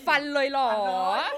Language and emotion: Thai, happy